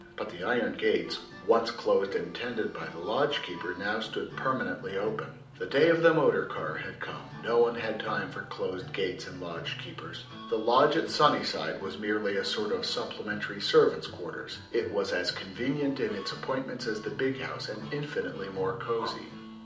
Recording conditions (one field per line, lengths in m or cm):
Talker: one person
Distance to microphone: 2.0 m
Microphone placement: close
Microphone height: 99 cm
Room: medium-sized (5.7 m by 4.0 m)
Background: music